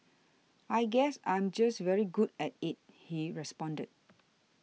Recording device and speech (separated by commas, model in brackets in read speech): mobile phone (iPhone 6), read sentence